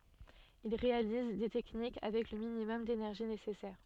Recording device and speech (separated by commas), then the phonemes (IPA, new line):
soft in-ear microphone, read sentence
il ʁealiz de tɛknik avɛk lə minimɔm denɛʁʒi nesɛsɛʁ